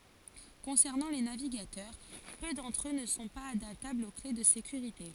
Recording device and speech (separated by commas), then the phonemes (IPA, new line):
forehead accelerometer, read sentence
kɔ̃sɛʁnɑ̃ le naviɡatœʁ pø dɑ̃tʁ ø nə sɔ̃ paz adaptablz o kle də sekyʁite